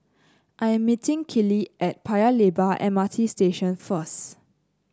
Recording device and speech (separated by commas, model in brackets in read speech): close-talking microphone (WH30), read sentence